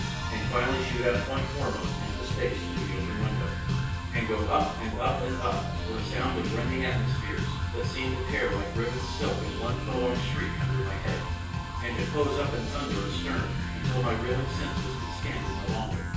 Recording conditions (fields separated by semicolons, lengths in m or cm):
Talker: one person; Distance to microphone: 9.8 m; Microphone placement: far; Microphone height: 1.8 m; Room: large; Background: music